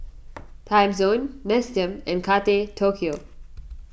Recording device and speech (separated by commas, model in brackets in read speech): boundary microphone (BM630), read sentence